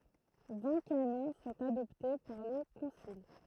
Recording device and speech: throat microphone, read sentence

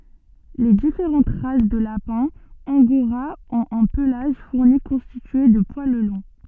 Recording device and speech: soft in-ear microphone, read sentence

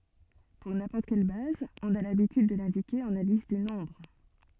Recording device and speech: soft in-ear microphone, read sentence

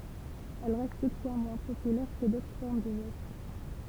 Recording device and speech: temple vibration pickup, read sentence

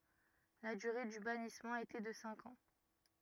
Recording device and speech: rigid in-ear microphone, read sentence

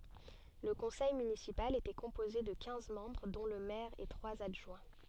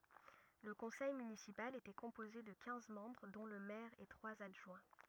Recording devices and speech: soft in-ear microphone, rigid in-ear microphone, read sentence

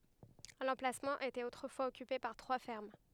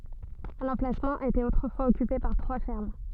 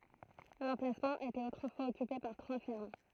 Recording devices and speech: headset microphone, soft in-ear microphone, throat microphone, read sentence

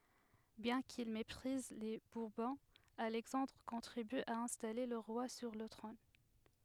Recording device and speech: headset microphone, read sentence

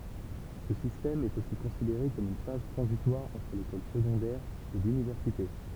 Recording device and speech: temple vibration pickup, read sentence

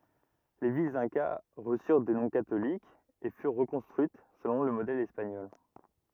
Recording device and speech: rigid in-ear microphone, read sentence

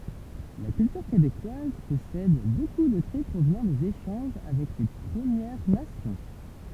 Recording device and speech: temple vibration pickup, read sentence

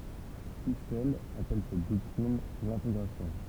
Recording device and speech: temple vibration pickup, read sentence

